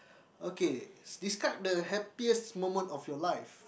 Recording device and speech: boundary microphone, conversation in the same room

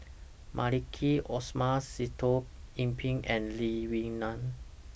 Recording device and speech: boundary microphone (BM630), read sentence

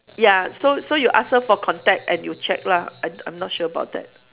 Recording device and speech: telephone, conversation in separate rooms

